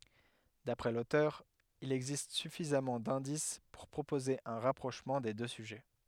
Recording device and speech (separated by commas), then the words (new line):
headset microphone, read sentence
D'après l'auteur, il existe suffisamment d'indices pour proposer un rapprochement des deux sujets.